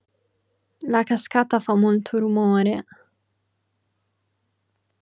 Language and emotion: Italian, sad